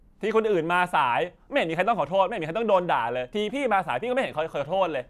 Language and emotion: Thai, angry